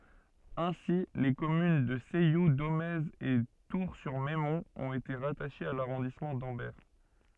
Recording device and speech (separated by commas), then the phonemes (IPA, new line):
soft in-ear microphone, read sentence
ɛ̃si le kɔmyn də sɛju domɛz e tuʁsyʁmɛmɔ̃t ɔ̃t ete ʁataʃez a laʁɔ̃dismɑ̃ dɑ̃bɛʁ